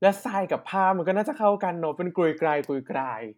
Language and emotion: Thai, happy